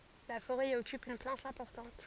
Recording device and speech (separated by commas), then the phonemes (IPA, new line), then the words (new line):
forehead accelerometer, read sentence
la foʁɛ i ɔkyp yn plas ɛ̃pɔʁtɑ̃t
La forêt y occupe une place importante.